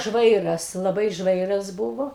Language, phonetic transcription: Lithuanian, ˈžvairas laˈbai ˈžvairas ˈbuvo

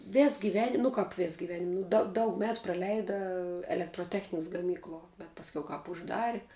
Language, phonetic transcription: Lithuanian, ˈves giˈvenim nu ˈkap ˈves giˈvenim nu da ˈdaug ˈmetu praˈleida elektroˈtechniks gaˈmykluo bet ˈpasˈkiau ˈkāp užˈdari

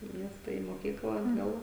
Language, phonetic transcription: Lithuanian, į ˈmiesta į moˈkykla atˈgal

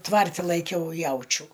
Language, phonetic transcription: Lithuanian, ˈtvarti laiˈkiau ˈjaučių

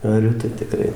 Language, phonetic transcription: Lithuanian, aˈriu tai tiˈkrai

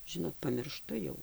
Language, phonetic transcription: Lithuanian, ˈžinot pamirˈštu jau

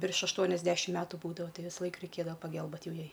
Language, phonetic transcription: Lithuanian, virš ašˈtuoniasdešim ˈmetu ˈbūdavo ˈtai visˈlaik reiˈkėdava paˈgɘlbėt ˈjau ˈjai

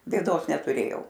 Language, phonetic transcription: Lithuanian, bėˈdos netuˈrėjau

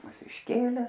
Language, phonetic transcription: Lithuanian, ˈmus išˈkėlė

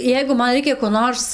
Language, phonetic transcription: Lithuanian, ˈjeigu ˈman ˈreikia ko ˈnors

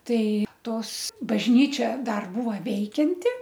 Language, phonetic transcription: Lithuanian, ˈtai ˈtos bažˈnyčia ˈdar ˈbūva ˈveikianti

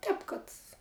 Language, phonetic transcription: Lithuanian, ˈtēp kad

